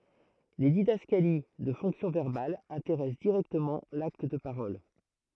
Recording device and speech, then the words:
throat microphone, read sentence
Les didascalies de fonction verbale intéressent directement l'acte de parole.

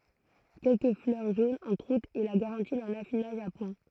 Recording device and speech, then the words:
throat microphone, read sentence
Quelques fleurs jaunes en croûte est la garantie d'un affinage à point.

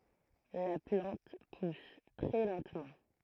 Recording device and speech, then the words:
throat microphone, read sentence
La plante pousse très lentement.

